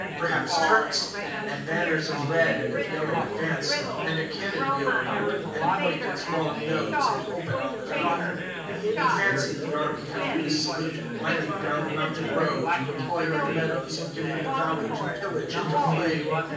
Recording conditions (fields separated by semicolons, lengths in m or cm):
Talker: one person; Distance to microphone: 9.8 m; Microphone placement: far; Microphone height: 1.8 m; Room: large; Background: babble